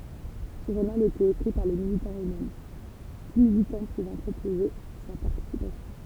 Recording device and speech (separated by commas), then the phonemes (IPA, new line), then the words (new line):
temple vibration pickup, read sentence
sə ʒuʁnal etɛt ekʁi paʁ le militɑ̃z øksmɛm tu militɑ̃ puvɑ̃ pʁopoze sa paʁtisipasjɔ̃
Ce journal était écrit par les militants eux-mêmes, tout militant pouvant proposer sa participation.